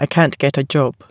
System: none